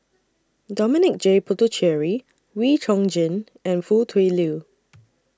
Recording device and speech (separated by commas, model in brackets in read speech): standing microphone (AKG C214), read sentence